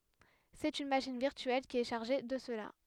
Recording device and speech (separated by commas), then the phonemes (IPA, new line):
headset microphone, read sentence
sɛt yn maʃin viʁtyɛl ki ɛ ʃaʁʒe də səla